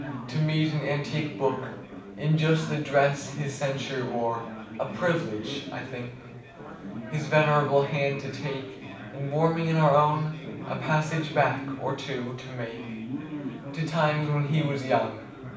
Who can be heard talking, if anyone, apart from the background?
One person.